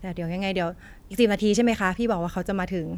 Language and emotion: Thai, neutral